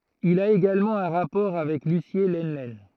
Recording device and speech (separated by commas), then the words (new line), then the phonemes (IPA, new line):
throat microphone, read sentence
Il a également un rapport avec Lucié Lenlen.
il a eɡalmɑ̃ œ̃ ʁapɔʁ avɛk lysje lənlɛn